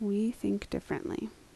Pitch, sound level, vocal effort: 150 Hz, 72 dB SPL, soft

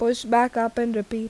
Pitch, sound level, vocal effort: 230 Hz, 84 dB SPL, normal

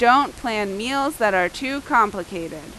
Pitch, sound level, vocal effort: 220 Hz, 92 dB SPL, very loud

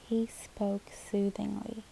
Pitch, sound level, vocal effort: 215 Hz, 71 dB SPL, soft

